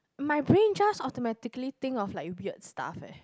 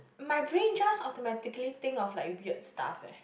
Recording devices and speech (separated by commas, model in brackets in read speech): close-talking microphone, boundary microphone, conversation in the same room